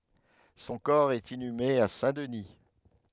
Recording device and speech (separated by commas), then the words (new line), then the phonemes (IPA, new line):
headset microphone, read sentence
Son corps est inhumé à Saint-Denis.
sɔ̃ kɔʁ ɛt inyme a sɛ̃dəni